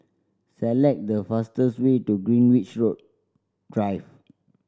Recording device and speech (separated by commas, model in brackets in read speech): standing microphone (AKG C214), read sentence